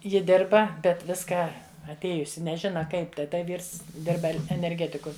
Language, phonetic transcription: Lithuanian, ˈji ˈdirba bet ˈviską atˈėjusi neˈžina ˈkaip tai ˈta ˈvyrs ˈdirba enerˈgetiku

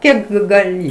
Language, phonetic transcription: Lithuanian, ˈkiek gaˈli

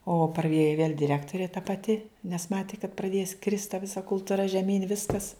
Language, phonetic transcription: Lithuanian, o praˈėjo viel' diˈrektorė ta paˈti nes ˈmati kad praˈdės krist ta ˈvisa kultuˈra žeˈmyn' ˈviskas

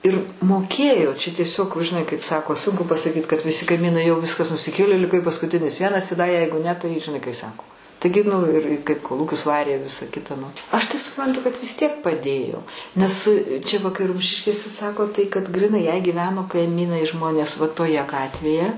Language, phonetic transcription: Lithuanian, ˈir moˈkėjo čia tieˈsiog žiˈnai kaip ˈsako ˈsunku pasaˈkyt kad viˈsi kaiˈmynai jau ˈviskas nusiˈkėlė liˈkai paskuˈtinis ˈvienas i da ˈjeigu ne tai žiˈnai kai ˈsako ˈtaigi nu ir kaip koˈlūkius ˈvarė ˈvisa ˈkita nu aš tai suˈprantu kad vis tiek paˈdėjo ˈnes čia va kai ˈrumšiškėse ˈsako tai kad griˈnai jei gyˈveno kaiˈmynai ˈžmonės va toˈje ˈgatvėje

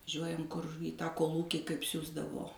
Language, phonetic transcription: Lithuanian, ˈžiuojam kur į tą kolˈūkį kaip ˈsiųsdavo

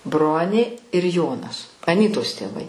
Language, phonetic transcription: Lithuanian, ˈbronė ir ˈjonas aˈnytos tėˈvai

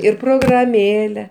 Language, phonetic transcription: Lithuanian, ir prograˈmėle

